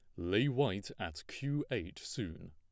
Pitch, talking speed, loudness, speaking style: 130 Hz, 155 wpm, -37 LUFS, plain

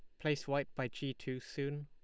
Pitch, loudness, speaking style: 140 Hz, -39 LUFS, Lombard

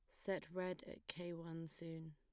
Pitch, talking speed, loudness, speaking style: 170 Hz, 190 wpm, -48 LUFS, plain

